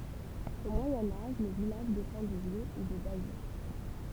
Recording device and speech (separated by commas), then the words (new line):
temple vibration pickup, read sentence
Au Moyen Âge, le village dépend de Vieux et de Bayeux.